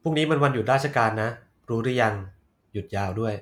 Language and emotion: Thai, neutral